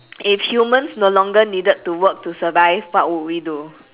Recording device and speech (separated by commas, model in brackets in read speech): telephone, conversation in separate rooms